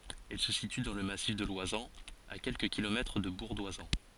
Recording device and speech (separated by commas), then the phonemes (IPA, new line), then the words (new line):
forehead accelerometer, read sentence
ɛl sə sity dɑ̃ lə masif də lwazɑ̃z a kɛlkə kilomɛtʁ də buʁ dwazɑ̃
Elle se situe dans le massif de l'Oisans, à quelques kilomètres de Bourg-d'Oisans.